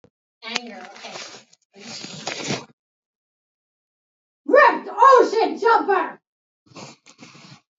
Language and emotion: English, angry